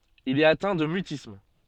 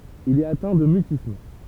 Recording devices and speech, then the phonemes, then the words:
soft in-ear microphone, temple vibration pickup, read sentence
il ɛt atɛ̃ də mytism
Il est atteint de mutisme.

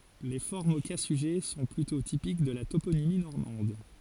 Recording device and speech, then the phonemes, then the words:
forehead accelerometer, read sentence
le fɔʁmz o ka syʒɛ sɔ̃ plytɔ̃ tipik də la toponimi nɔʁmɑ̃d
Les formes au cas sujet sont plutôt typiques de la toponymie normande.

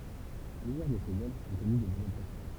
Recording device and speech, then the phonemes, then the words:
temple vibration pickup, read sentence
plyzjœʁ də sez œvʁz ɔ̃ kɔny dez adaptasjɔ̃
Plusieurs de ses œuvres ont connu des adaptations.

